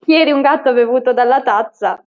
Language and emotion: Italian, happy